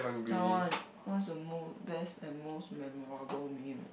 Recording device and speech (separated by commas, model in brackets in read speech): boundary microphone, conversation in the same room